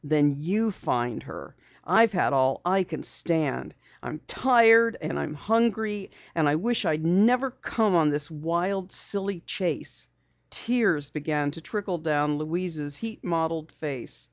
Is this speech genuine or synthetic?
genuine